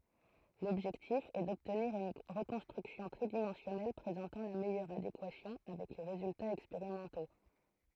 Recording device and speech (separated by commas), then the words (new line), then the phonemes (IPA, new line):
throat microphone, read sentence
L'objectif est d'obtenir une reconstruction tridimensionnelle présentant la meilleure adéquation avec les résultats expérimentaux.
lɔbʒɛktif ɛ dɔbtniʁ yn ʁəkɔ̃stʁyksjɔ̃ tʁidimɑ̃sjɔnɛl pʁezɑ̃tɑ̃ la mɛjœʁ adekwasjɔ̃ avɛk le ʁezyltaz ɛkspeʁimɑ̃to